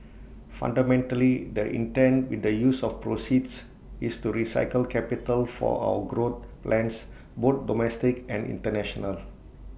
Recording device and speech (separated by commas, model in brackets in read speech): boundary microphone (BM630), read sentence